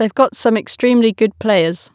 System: none